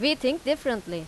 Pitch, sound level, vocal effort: 260 Hz, 90 dB SPL, very loud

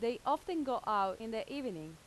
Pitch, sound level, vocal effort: 235 Hz, 89 dB SPL, loud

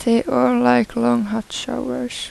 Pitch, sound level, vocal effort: 210 Hz, 80 dB SPL, soft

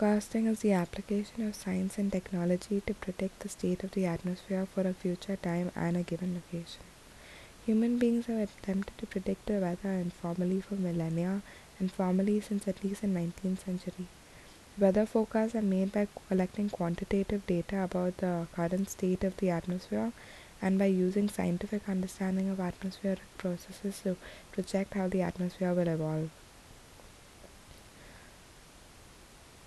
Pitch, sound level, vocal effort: 190 Hz, 71 dB SPL, soft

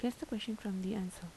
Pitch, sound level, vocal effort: 205 Hz, 77 dB SPL, soft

